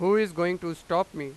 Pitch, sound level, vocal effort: 175 Hz, 98 dB SPL, very loud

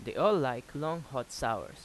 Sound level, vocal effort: 89 dB SPL, normal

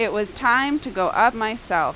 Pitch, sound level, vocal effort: 225 Hz, 91 dB SPL, loud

